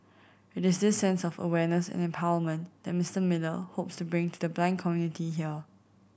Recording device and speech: boundary microphone (BM630), read sentence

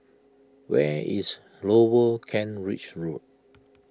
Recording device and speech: close-talking microphone (WH20), read sentence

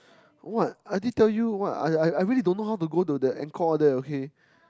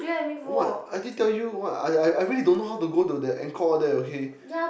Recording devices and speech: close-talking microphone, boundary microphone, conversation in the same room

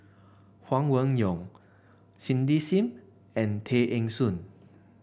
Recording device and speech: boundary microphone (BM630), read sentence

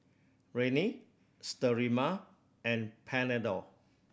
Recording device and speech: boundary microphone (BM630), read sentence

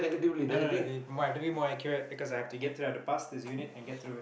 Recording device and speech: boundary microphone, conversation in the same room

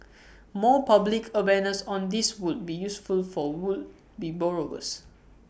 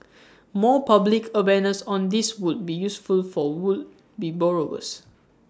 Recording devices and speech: boundary microphone (BM630), standing microphone (AKG C214), read sentence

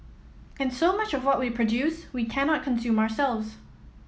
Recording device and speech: mobile phone (iPhone 7), read sentence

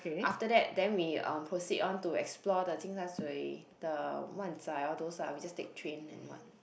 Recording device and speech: boundary microphone, conversation in the same room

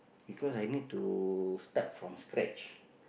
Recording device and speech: boundary microphone, conversation in the same room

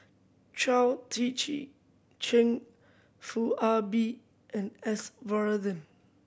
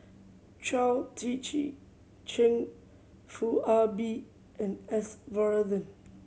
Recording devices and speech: boundary microphone (BM630), mobile phone (Samsung C7100), read sentence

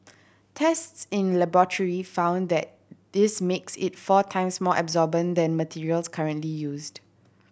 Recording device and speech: boundary microphone (BM630), read sentence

